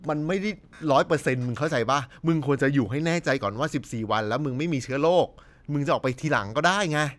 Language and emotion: Thai, angry